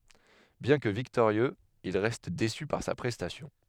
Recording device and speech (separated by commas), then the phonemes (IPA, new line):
headset microphone, read sentence
bjɛ̃ kə viktoʁjøz il ʁɛst desy paʁ sa pʁɛstasjɔ̃